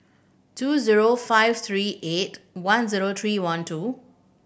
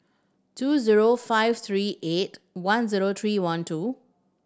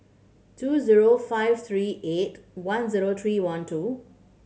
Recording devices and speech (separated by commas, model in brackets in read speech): boundary microphone (BM630), standing microphone (AKG C214), mobile phone (Samsung C7100), read sentence